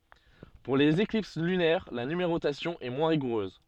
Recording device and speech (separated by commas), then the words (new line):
soft in-ear microphone, read sentence
Pour les éclipses lunaires, la numérotation est moins rigoureuse.